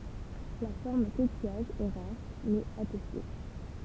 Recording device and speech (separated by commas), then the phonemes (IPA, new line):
temple vibration pickup, read sentence
la fɔʁm kokijaʒ ɛ ʁaʁ mɛz atɛste